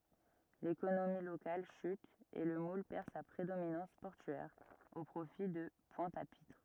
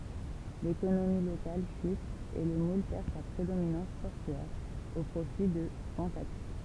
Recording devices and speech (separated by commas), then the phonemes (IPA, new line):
rigid in-ear microphone, temple vibration pickup, read sentence
lekonomi lokal ʃyt e lə mul pɛʁ sa pʁedominɑ̃s pɔʁtyɛʁ o pʁofi də pwɛ̃t a pitʁ